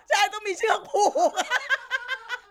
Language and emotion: Thai, happy